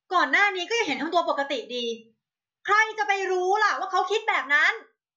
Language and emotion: Thai, angry